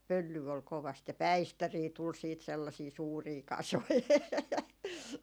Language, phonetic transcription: Finnish, 'pöllyy ol 'kovast ja "päistärii tul siit 'sellasii 'suurii "kasoi .
- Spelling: pölyä oli kovasti ja päistäreitä tuli sitten sellaisia suuria kasoja

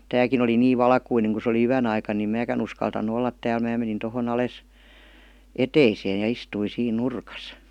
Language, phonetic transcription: Finnish, 'tääkin ‿oli 'niiv "valkuineŋ ku se oli "yän ‿aikan nim 'määkän ‿uskaltannu 'ollat tääl 'mää menin toho'n ‿ales , "eteiseen§ ja 'istuin̬ siin "nurkas .
- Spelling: tämäkin oli niin valkoinen kun se oli yön aikana niin minäkään uskaltanut olla täällä minä menin tuohon alas eteiseen ja istuin siinä nurkassa

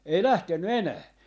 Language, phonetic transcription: Finnish, ei "lähtenny "enää .
- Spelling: ei lähtenyt enää

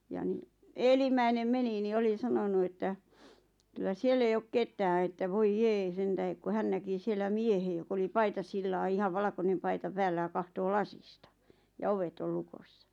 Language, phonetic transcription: Finnish, ja ni , 'eelim̀äinem 'meni ni 'oli 'sanonu että , kyl̆lä 'siell ‿ei ok "ket̀ää että 'voij "jee 'sentähek ku 'hän näki 'siellä "miehe jok ‿oli 'paitasillaa ihav 'valᵃkonem paita 'päällä ʲa kahtoo "lasista , ja "ovet ol 'lukossa .
- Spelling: ja niin edellimmäinen meni niin oli sanonut että kyllä siellä ei ole ketään että voi jee sen tähden kun hän näki siellä miehen joka oli paitasillaan ihan valkoinen paita päällä ja katsoo lasista ja ovet oli lukossa

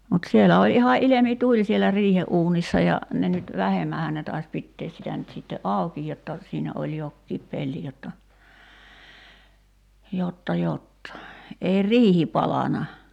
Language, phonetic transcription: Finnish, mut 'sielä oĺ iha '’ilemi"tuĺ sielä 'riihe’uunissa ja , 'ne nyt , "vähemmähän ne tais 'pittees sitä nyt sitte "’àuki jotta , 'siinä oĺ "jokkiip 'pelli jotta , 'jotta "jotta , ei "riihi 'palana .
- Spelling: mutta siellä oli ihan ilmituli siellä riihenuunissa ja ne nyt vähemmänhän ne taisi pitää sitä nyt sitten auki jotta siinä oli jokin pelti jotta jotta jotta ei riihi palanut

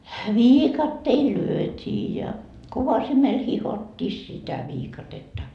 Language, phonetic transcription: Finnish, "viikatteil "lyöt́ii ja , 'kovasimel 'hihot́t́ii sitä 'viikatetta .
- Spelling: viikatteilla lyötiin ja kovasimella hiottiin sitä viikatetta

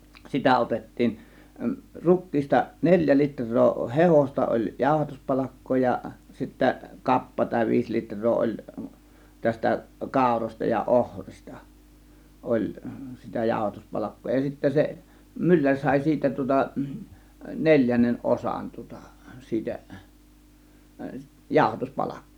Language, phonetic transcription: Finnish, 'sitä 'otettiin , "ruk̆kiista 'neĺjä "litr̆roo "hehosta oĺ 'jàȯhatuspalakkoo ja sittä "kappa tàė 'viis litr̀oo oĺ , tästä "kàȯrośta ja 'ohrista , 'oĺ , sitä 'jàȯhatuspalakkoo ja sittä 'se , 'mylläŕ 'sàė 'siitä tŭŏta , 'neĺjännen "ˀosan tŭŏta , 'siitä , 'jàȯhatus "palakkIJJOO .
- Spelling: sitä otettiin rukiista neljä litraa hehdosta oli jauhatuspalkkaa ja sitten kappa tai viisi litraa oli tästä kaurasta ja ohrista oli sitä jauhatuspalkkaa ja sitten se mylläri sai siitä tuota neljännen osan tuota siitä - jauhatuspalkkiota

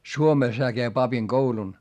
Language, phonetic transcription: Finnish, Suomès heä käi papiŋGoulun .
- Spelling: Suomessa hän kävi papinkoulun

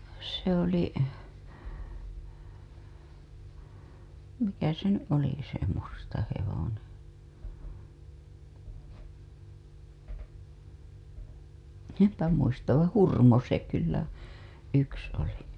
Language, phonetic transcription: Finnish, se ‿oli , 'mikä se ny’ '’oliki se 'musta hevone , 'empä muistav vaa̰ 'Hurmo se kyllä , 'yks oli .
- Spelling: se oli mikä se nyt olikin se musta hevonen en muista vaan Hurmo se kyllä yksi oli

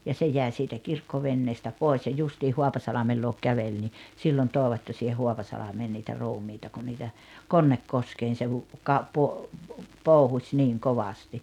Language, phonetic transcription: Finnish, ja 'se 'jä̀i siitä 'kirkkovenneestä 'pòes ja 'justiih 'Hoapasalamel luok 'kävel ni , 'sillon 'tooᵉvat ja siiheh 'Hoapasalamee niitä 'ruumiita ku niitä , 'Konnekkoskeen̬ se hu- , ka- po- , "pòuhuś 'niŋ "kovasti .
- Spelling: ja se jäi siitä kirkkoveneestä pois ja justiin Haapasalmen luokse käveli niin silloin toivat ja siihen Haapasalmeen niitä ruumiita kun niitä Konnekoskeen se - - - pouhusi niin kovasti

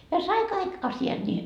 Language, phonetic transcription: Finnish, ja 'sai kaik 'asi₍aD ńii .
- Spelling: ja sai kaikki asiat niin

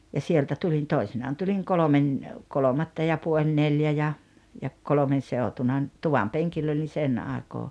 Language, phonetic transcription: Finnish, ja 'sieltä 'tulin "toisinaan tuliŋ 'kolomen , "kolomatta ja 'puoĺ "neljä ja , ja 'kolᵒmen̬ 'seotuna ‿n- , 'tuvam "peŋkill ‿oli "sen 'àekoo .
- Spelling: ja sieltä tulin toisinaan tulin kolmen kolmatta ja puoli neljä ja ja kolmen seutuna - tuvan penkillä olin sen aikaa

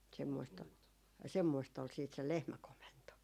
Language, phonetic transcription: Finnish, 'semmoist ‿ol , "semmoist ‿ol siit se "lehmäkomento .
- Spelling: semmoista oli semmoista oli sitten se lehmäkomento

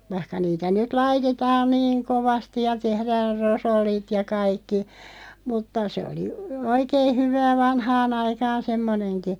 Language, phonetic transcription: Finnish, 'vaⁱhka niitä nyt "laitetaan niiŋ "kovasti ja 'tehräär "rosollit ja 'kaikki , mutta sᵉ oli , "oikee 'hyvää "vanhaa'n ‿aikaan 'semmoneŋki .
- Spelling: vaikka niitä nyt laitetaan niin kovasti ja tehdään rosollit ja kaikki mutta se oli oikein hyvää vanhaan aikaan semmoinenkin

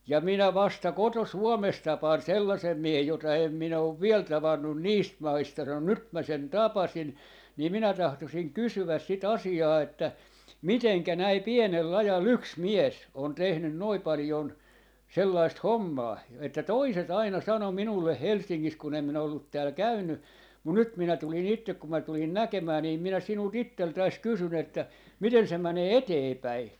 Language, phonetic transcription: Finnish, » ja 'minä 'vasta 'koto₍"Suomes 'tapaan "sellasem 'miehej jota 'em 'minä ov "viel 'tavannun "niist "maista » sano » "nyt 'mä 'sen "tapasin , nii minä 'tahtosiŋ "kysyväs 'si"t ‿asi₍aa että , "miteŋkä 'näi "pienel'l ‿aja"l ‿yks "mies , on 'tehnyn 'noi 'palⁱjon , 'sellaist "hommaa (jo) , että "toiset 'aina 'sano 'minulleh "Helssiŋŋis kun ‿em minä ollut 'tääl "käynny , mun "nyt 'minä tuli'ŋ ‿ittek kum mä 'tulin "näkemää niim minä 'sinul"t ‿itteltäis 'kysyn ‿että , 'miten se 'mänee "eteepäi .
- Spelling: ja minä vasta koto-Suomessa tapaan sellaisen miehen jota en minä ole vielä tavannut niistä maista sanoi nyt minä sen tapasin niin minä tahtoisin kysyä sitä asiaa että miten näin pienellä ajalla yksi mies on tehnyt noin paljon sellaista hommaa - että toiset aina sanoi minulle Helsingissä kun en minä ollut täällä käynyt mutta nyt minä tulin itse kun minä tulin näkemään niin minä sinulta itseltäsi kysyn että miten se menee eteenpäin

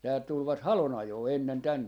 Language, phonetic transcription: Finnish, täält 'tulvat "halon₍'ajoo 'ennen 'tänne .
- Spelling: täältä tulivat halonajoon ennen tänne

